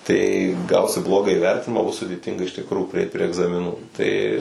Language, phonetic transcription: Lithuanian, tai ˈgausi ˈblogą įˈvertinimą ˈbus sudėˈtinga iš tikˈrų priˈeit prie egzamiˈnų ˈtai

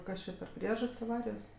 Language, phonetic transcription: Lithuanian, ˈkas čia per ˈpriežast's' aˈvarijos

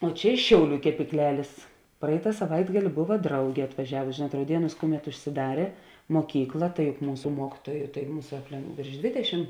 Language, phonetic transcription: Lithuanian, o ˈčia iš ˈšiauˌlių kepykˈlelės ˈpraita saˈvaitgali ˈbova ˈdraugė atvaˈžiavusi ˈžėnuot rauˈdienūs ˈkuˌmet užsiˈdarė moˈkykla tai juk ˈmūsu ˈmuokytuoju tai ˈmūsa apˈle vėrš ˈdvėdeˌšim

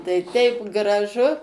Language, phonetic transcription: Lithuanian, tai ˈteip graˈžu

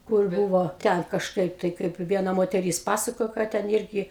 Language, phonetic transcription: Lithuanian, kur ˈbūvo ˈten kažˈkaip tai ˈkaip ˈviena moteˈrys ˈpasakojo ˈką ten ˈirgi

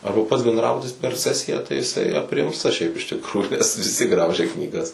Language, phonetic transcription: Lithuanian, ˈarba pats bendˈrabutis per ˈsesiją tai jiˈsai apˈrimsta šiaip iš tikˈrųjų nes viˈsi ˈgraužia knyˈgas

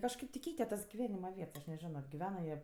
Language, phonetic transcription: Lithuanian, kažˈkaip ti ˈkeite tas giˈvenima ˈviets aš neˈžino giˈvena jie

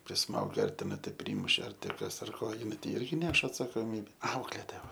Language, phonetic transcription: Lithuanian, priˈsmauge ar teˈnai tai ˈprymuše ar tė ˈkas ar ˈko jiˈnai tai ˈirgi ˈneš atsakoˈmybe ˈauklėtoja ˈva

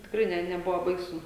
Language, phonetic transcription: Lithuanian, tikˈrai ˈne neˈbuvo ˈbaisu

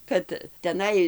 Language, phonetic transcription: Lithuanian, ˈkad teˈnai

